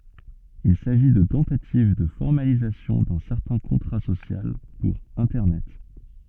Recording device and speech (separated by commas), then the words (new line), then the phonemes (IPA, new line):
soft in-ear microphone, read sentence
Il s'agit de tentatives de formalisation d'un certain contrat social pour Internet.
il saʒi də tɑ̃tativ də fɔʁmalizasjɔ̃ dœ̃ sɛʁtɛ̃ kɔ̃tʁa sosjal puʁ ɛ̃tɛʁnɛt